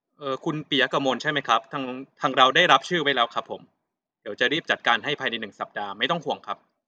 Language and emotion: Thai, neutral